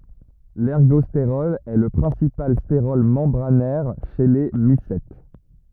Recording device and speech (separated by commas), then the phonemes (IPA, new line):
rigid in-ear microphone, read sentence
lɛʁɡɔsteʁɔl ɛ lə pʁɛ̃sipal steʁɔl mɑ̃bʁanɛʁ ʃe le misɛt